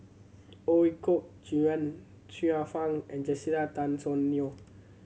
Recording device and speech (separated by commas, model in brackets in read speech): mobile phone (Samsung C7100), read sentence